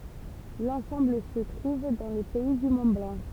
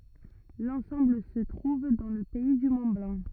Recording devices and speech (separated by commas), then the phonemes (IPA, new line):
temple vibration pickup, rigid in-ear microphone, read sentence
lɑ̃sɑ̃bl sə tʁuv dɑ̃ lə pɛi dy mɔ̃tblɑ̃